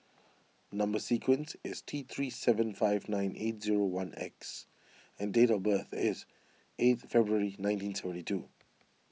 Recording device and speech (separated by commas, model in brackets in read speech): mobile phone (iPhone 6), read sentence